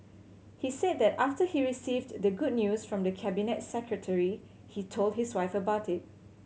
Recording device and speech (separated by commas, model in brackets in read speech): mobile phone (Samsung C7100), read sentence